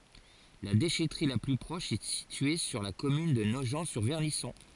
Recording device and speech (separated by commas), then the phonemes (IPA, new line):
forehead accelerometer, read sentence
la deʃɛtʁi la ply pʁɔʃ ɛ sitye syʁ la kɔmyn də noʒɑ̃tsyʁvɛʁnisɔ̃